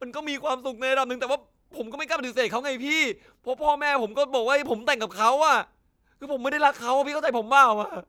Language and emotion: Thai, sad